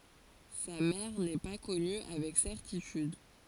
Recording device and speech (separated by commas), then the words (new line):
forehead accelerometer, read sentence
Sa mère n'est pas connue avec certitude.